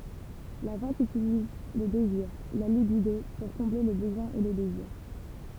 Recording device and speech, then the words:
temple vibration pickup, read sentence
La vente utilise le désir, la libido, pour combler le besoin et le désir.

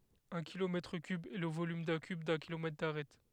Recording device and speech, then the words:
headset microphone, read sentence
Un kilomètre cube est le volume d'un cube d'un kilomètre d'arête.

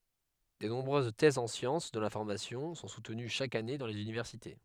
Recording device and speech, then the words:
headset microphone, read sentence
De nombreuses thèses en sciences de l’information sont soutenues chaque année dans les universités.

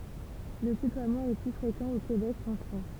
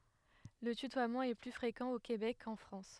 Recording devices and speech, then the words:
temple vibration pickup, headset microphone, read sentence
Le tutoiement est plus fréquent au Québec qu'en France.

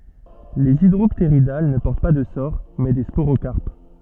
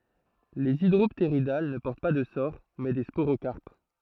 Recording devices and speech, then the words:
soft in-ear microphone, throat microphone, read sentence
Les Hydropteridales ne portent pas de sores, mais des sporocarpes.

